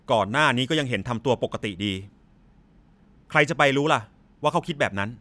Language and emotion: Thai, angry